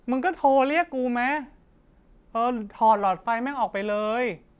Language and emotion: Thai, frustrated